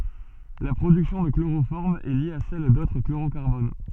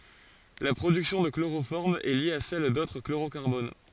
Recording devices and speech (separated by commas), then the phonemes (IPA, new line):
soft in-ear microphone, forehead accelerometer, read sentence
la pʁodyksjɔ̃ də kloʁofɔʁm ɛ lje a sɛl dotʁ kloʁokaʁbon